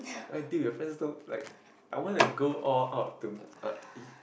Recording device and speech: boundary microphone, conversation in the same room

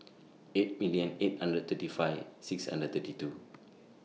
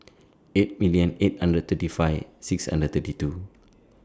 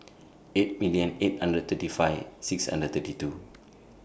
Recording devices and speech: mobile phone (iPhone 6), standing microphone (AKG C214), boundary microphone (BM630), read sentence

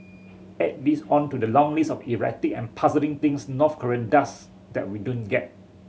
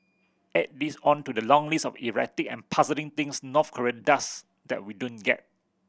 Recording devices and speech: mobile phone (Samsung C7100), boundary microphone (BM630), read sentence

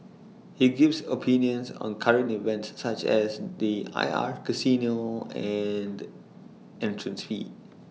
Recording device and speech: mobile phone (iPhone 6), read sentence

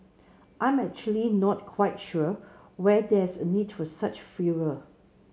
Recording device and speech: mobile phone (Samsung C7), read sentence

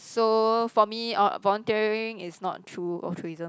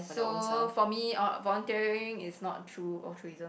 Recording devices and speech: close-talking microphone, boundary microphone, conversation in the same room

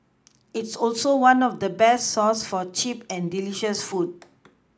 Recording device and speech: close-talking microphone (WH20), read sentence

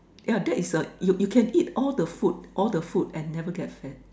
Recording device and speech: standing microphone, conversation in separate rooms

